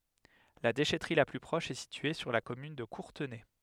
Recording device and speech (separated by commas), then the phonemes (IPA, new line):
headset microphone, read sentence
la deʃɛtʁi la ply pʁɔʃ ɛ sitye syʁ la kɔmyn də kuʁtənɛ